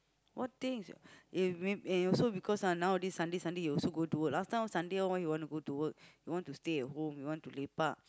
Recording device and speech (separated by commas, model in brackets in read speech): close-talking microphone, conversation in the same room